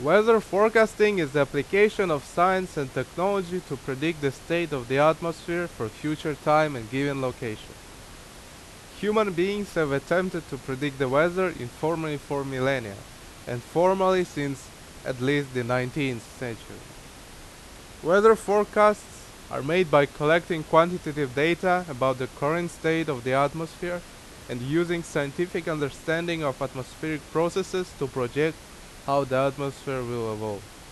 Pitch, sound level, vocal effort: 150 Hz, 89 dB SPL, very loud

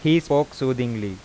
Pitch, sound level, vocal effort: 130 Hz, 90 dB SPL, loud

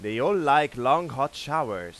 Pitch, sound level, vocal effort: 135 Hz, 100 dB SPL, loud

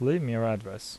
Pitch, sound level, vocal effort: 115 Hz, 80 dB SPL, normal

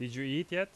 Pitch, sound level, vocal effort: 160 Hz, 89 dB SPL, loud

